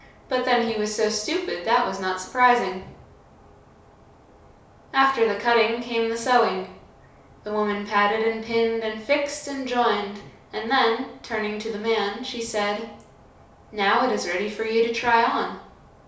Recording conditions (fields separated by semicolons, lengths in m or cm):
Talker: one person; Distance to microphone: 3.0 m; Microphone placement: far; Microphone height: 1.8 m; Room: small (3.7 m by 2.7 m); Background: none